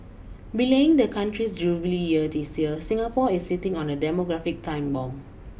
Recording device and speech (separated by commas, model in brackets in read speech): boundary microphone (BM630), read sentence